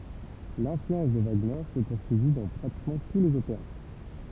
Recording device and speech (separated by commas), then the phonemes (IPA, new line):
temple vibration pickup, read sentence
lɛ̃flyɑ̃s də vaɡnɛʁ sə puʁsyivi dɑ̃ pʁatikmɑ̃ tu lez opeʁa